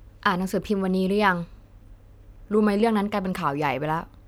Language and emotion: Thai, frustrated